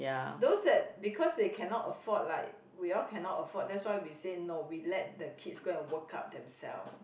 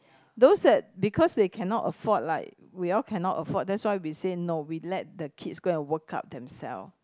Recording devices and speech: boundary microphone, close-talking microphone, conversation in the same room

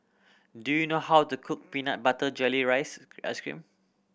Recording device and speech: boundary microphone (BM630), read sentence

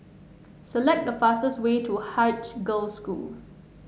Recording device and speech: mobile phone (Samsung S8), read sentence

